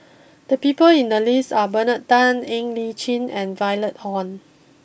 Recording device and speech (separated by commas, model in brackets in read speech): boundary microphone (BM630), read sentence